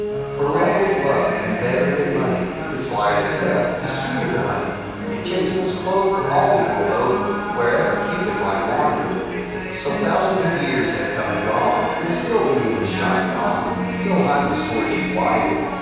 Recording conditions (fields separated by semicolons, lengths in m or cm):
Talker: one person; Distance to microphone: 7.1 m; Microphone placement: far; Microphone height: 1.7 m; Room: very reverberant, large; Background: television